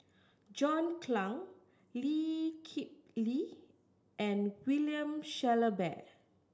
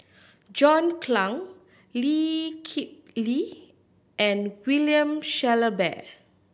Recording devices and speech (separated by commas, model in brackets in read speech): standing microphone (AKG C214), boundary microphone (BM630), read sentence